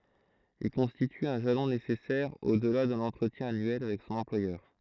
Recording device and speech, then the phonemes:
throat microphone, read sentence
il kɔ̃stity œ̃ ʒalɔ̃ nesɛsɛʁ odla də lɑ̃tʁətjɛ̃ anyɛl avɛk sɔ̃n ɑ̃plwajœʁ

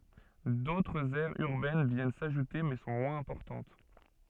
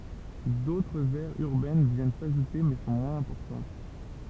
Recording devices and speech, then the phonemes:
soft in-ear microphone, temple vibration pickup, read sentence
dotʁz ɛʁz yʁbɛn vjɛn saʒute mɛ sɔ̃ mwɛ̃z ɛ̃pɔʁtɑ̃t

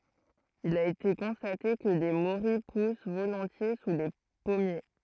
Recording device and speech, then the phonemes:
throat microphone, read sentence
il a ete kɔ̃state kə le moʁij pus volɔ̃tje su le pɔmje

